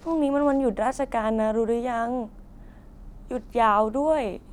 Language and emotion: Thai, sad